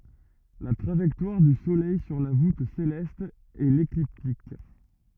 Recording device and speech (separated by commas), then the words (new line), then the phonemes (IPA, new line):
rigid in-ear microphone, read sentence
La trajectoire du Soleil sur la voûte céleste est l'écliptique.
la tʁaʒɛktwaʁ dy solɛj syʁ la vut selɛst ɛ lekliptik